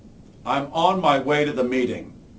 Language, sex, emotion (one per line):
English
male
angry